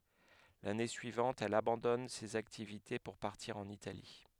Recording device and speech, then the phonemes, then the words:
headset microphone, read sentence
lane syivɑ̃t ɛl abɑ̃dɔn sez aktivite puʁ paʁtiʁ ɑ̃n itali
L'année suivante, elle abandonne ces activités pour partir en Italie.

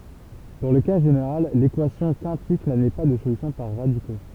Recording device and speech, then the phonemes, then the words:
temple vibration pickup, read sentence
dɑ̃ lə ka ʒeneʁal lekwasjɔ̃ kɛ̃tik nadmɛ pa də solysjɔ̃ paʁ ʁadiko
Dans le cas général, l'équation quintique n'admet pas de solution par radicaux.

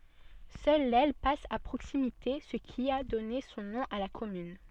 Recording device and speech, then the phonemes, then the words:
soft in-ear microphone, read sentence
sœl lɛl pas a pʁoksimite sə ki a dɔne sɔ̃ nɔ̃ a la kɔmyn
Seule l'Elle passe à proximité, ce qui a donné son nom à la commune.

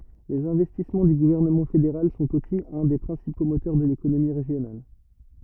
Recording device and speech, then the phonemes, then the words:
rigid in-ear microphone, read sentence
lez ɛ̃vɛstismɑ̃ dy ɡuvɛʁnəmɑ̃ fedeʁal sɔ̃t osi œ̃ de pʁɛ̃sipo motœʁ də lekonomi ʁeʒjonal
Les investissements du gouvernement fédéral sont aussi un des principaux moteurs de l'économie régionale.

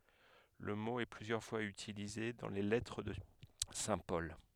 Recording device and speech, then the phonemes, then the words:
headset microphone, read sentence
lə mo ɛ plyzjœʁ fwaz ytilize dɑ̃ le lɛtʁ də sɛ̃ pɔl
Le mot est plusieurs fois utilisé dans les lettres de saint Paul.

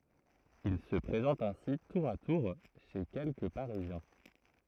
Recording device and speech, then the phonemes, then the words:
throat microphone, read sentence
il sə pʁezɑ̃t ɛ̃si tuʁ a tuʁ ʃe kɛlkə paʁizjɛ̃
Il se présente ainsi tour à tour chez quelques parisiens.

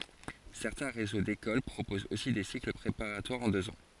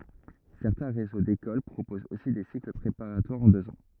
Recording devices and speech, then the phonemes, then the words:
forehead accelerometer, rigid in-ear microphone, read sentence
sɛʁtɛ̃ ʁezo dekol pʁopozt osi de sikl pʁepaʁatwaʁz ɑ̃ døz ɑ̃
Certains réseaux d'écoles proposent aussi des cycles préparatoires en deux ans.

